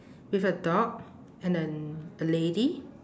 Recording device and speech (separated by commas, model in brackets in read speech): standing microphone, conversation in separate rooms